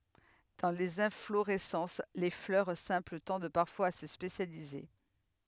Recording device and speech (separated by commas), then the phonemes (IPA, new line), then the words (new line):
headset microphone, read sentence
dɑ̃ lez ɛ̃floʁɛsɑ̃s le flœʁ sɛ̃pl tɑ̃d paʁfwaz a sə spesjalize
Dans les inflorescences, les fleurs simples tendent parfois à se spécialiser.